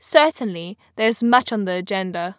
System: none